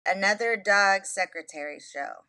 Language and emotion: English, sad